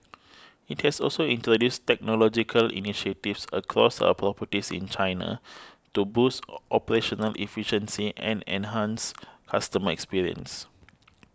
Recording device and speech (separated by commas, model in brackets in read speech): close-talking microphone (WH20), read sentence